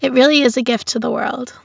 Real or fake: real